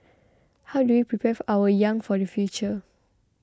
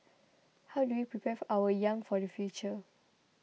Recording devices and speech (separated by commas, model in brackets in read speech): close-talking microphone (WH20), mobile phone (iPhone 6), read sentence